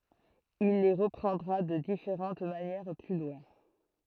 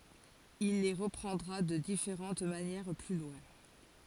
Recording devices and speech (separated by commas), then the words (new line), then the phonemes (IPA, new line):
throat microphone, forehead accelerometer, read sentence
Il les reprendra de différentes manières plus loin.
il le ʁəpʁɑ̃dʁa də difeʁɑ̃t manjɛʁ ply lwɛ̃